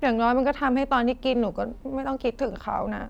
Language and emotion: Thai, frustrated